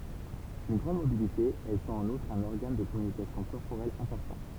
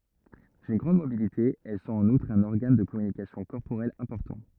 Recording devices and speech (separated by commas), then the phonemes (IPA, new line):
temple vibration pickup, rigid in-ear microphone, read sentence
dyn ɡʁɑ̃d mobilite ɛl sɔ̃t ɑ̃n utʁ œ̃n ɔʁɡan də kɔmynikasjɔ̃ kɔʁpoʁɛl ɛ̃pɔʁtɑ̃